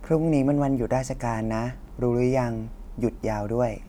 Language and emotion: Thai, neutral